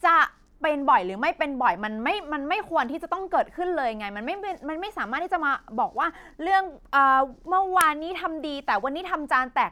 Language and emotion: Thai, angry